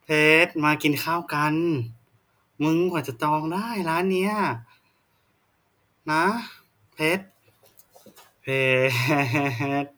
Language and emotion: Thai, frustrated